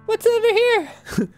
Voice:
Falsetto